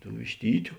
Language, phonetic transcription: Lithuanian, tų višˈtytiu

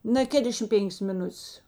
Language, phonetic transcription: Lithuanian, na ˈkėdešim ˈpėnkės miˈnuts

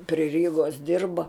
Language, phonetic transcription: Lithuanian, pri ˈrygos ˈdirba

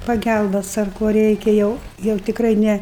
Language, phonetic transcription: Lithuanian, paˈgælbas ar ˈko ˈreikia jau jau tikˈrai ˈne

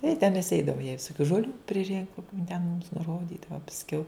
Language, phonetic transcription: Lithuanian, i ten mes ˈeidava jai visoˈkių žoˈlių priˈrinkum jin ten mums nuˈrodydava pasˈkiau

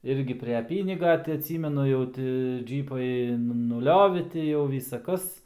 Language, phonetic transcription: Lithuanian, ˈirgi pre ˈpyniga tai atˈsymenu jau ˈti ˈdžypai nuˈliovi ˈti jau ˈvysa ˈkas

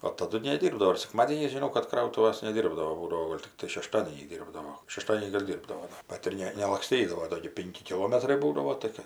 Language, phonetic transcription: Lithuanian, o taˈdu neˈdyrbdavo ir sekˈmadėniais žiˈnau kad ˈkrautuvas neˈdyrbdavo ˈbūdavo ˈgol' tikˈtai šeˈštadėniais ˈdyrbdavo šeˈštadienį gal' ˈdyrbdao ˈbat ir ˈne nelakˈstydavo ˈdo gi ˈpinki kiˈlometrai ˈbūdavo tai ˈkɜ

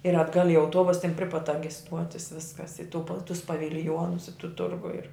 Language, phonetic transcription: Lithuanian, ir atˈgal' i auˈtuobus ten pri pat ta gi ˈstuotis ˈviskas i tu pal tus pavilˈjonus i tu ˈturgu ir

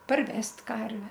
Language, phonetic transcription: Lithuanian, parˈvest' ˈkarve

